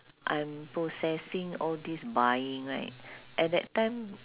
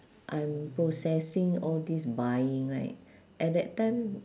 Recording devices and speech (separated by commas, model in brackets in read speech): telephone, standing microphone, conversation in separate rooms